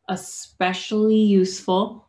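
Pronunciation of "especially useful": In 'especially useful', the vowel at the end of 'especially' links straight into the vowel at the start of 'useful', and the two are heard as one long vowel sound.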